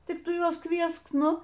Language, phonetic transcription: Lithuanian, ˈtik ˈtu ˈjuos ˈkviesk ˈnu

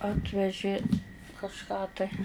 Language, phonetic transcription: Lithuanian, ˈatvežė kažˈką tai

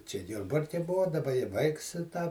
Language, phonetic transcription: Lithuanian, čia ˈjurbarke ˈbua daˈba i ˈvaiks i tą

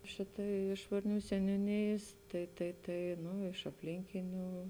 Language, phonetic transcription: Lithuanian, ˈšitai ˈiš varˌnių seniūˈnėjės tai tai ˈtai ˈnu iš apˈlinkinių

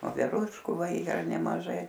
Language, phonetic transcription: Lithuanian, voveˈrūškų ˈva ˈyra nemaˈžai

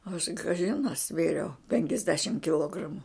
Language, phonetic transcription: Lithuanian, aš kaˈžin a ˈsvėriau penkiasˈdešim kiˈlogramu

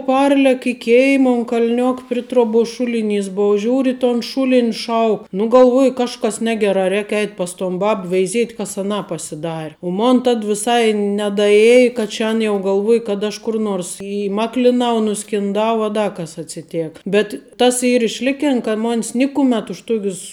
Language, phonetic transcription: Lithuanian, ˈparlek i ˈkėima un kal'ˈniok pri ˈtroˌbuos ˈšuliˌnys ˈbov žiūr' i ton ˈšūlin' ˈšauk nu galˈvuoju ˈkažkas ˈnegerā ˈrēk ˈeit' pas ton ˈbab veiˈziet' ˈkas aˈnā pasiˈdar' u ˈmon tad viˈsai nedaˈjėj kad ˈčia an ˈjau galˈvuoj kad aš ˈkur nors įˈmaklinau nuskinˈdau a ˈda kas atsiˈtėka bet ˈtas ˈyr išˈlikin ka ˈmon's ˈnikumet už ˈtokius

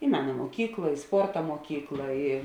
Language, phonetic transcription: Lithuanian, i ˈmena muoˈkykla i ˈsporta muoˈkykla i

